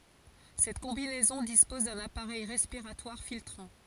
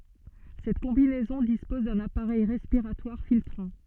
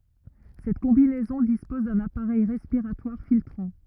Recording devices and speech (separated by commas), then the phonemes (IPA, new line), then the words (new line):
forehead accelerometer, soft in-ear microphone, rigid in-ear microphone, read sentence
sɛt kɔ̃binɛzɔ̃ dispɔz dœ̃n apaʁɛj ʁɛspiʁatwaʁ filtʁɑ̃
Cette combinaison dispose d'un appareil respiratoire filtrant.